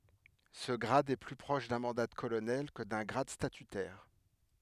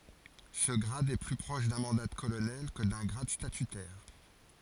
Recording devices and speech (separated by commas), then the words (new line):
headset microphone, forehead accelerometer, read sentence
Ce grade est plus proche d'un mandat de colonel que d'un grade statutaire.